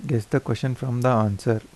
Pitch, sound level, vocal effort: 120 Hz, 80 dB SPL, soft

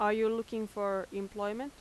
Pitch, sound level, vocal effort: 210 Hz, 88 dB SPL, loud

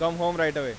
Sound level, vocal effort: 98 dB SPL, loud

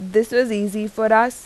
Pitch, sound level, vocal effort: 220 Hz, 87 dB SPL, loud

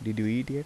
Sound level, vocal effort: 80 dB SPL, soft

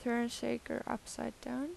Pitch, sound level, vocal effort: 260 Hz, 82 dB SPL, soft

